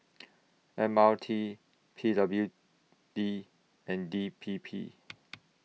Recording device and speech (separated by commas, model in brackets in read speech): mobile phone (iPhone 6), read sentence